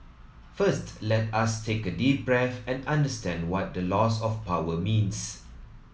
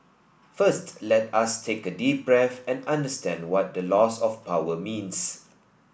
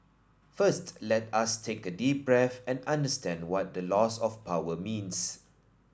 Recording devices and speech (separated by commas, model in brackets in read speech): mobile phone (iPhone 7), boundary microphone (BM630), standing microphone (AKG C214), read sentence